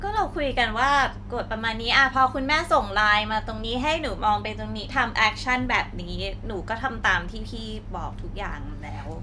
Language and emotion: Thai, frustrated